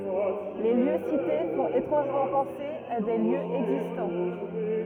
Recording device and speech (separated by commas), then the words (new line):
rigid in-ear microphone, read sentence
Les lieux cités font étrangement penser à des lieux existants.